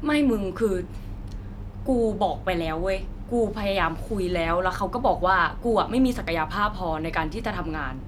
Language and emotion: Thai, frustrated